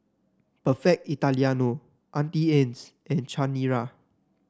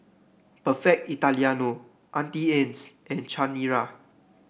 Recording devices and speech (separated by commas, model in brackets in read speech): standing microphone (AKG C214), boundary microphone (BM630), read sentence